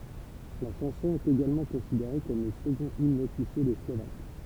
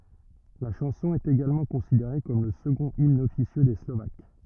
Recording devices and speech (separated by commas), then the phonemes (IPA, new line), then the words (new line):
temple vibration pickup, rigid in-ear microphone, read sentence
la ʃɑ̃sɔ̃ ɛt eɡalmɑ̃ kɔ̃sideʁe kɔm lə səɡɔ̃t imn ɔfisjø de slovak
La chanson est également considérée comme le second hymne officieux des Slovaques.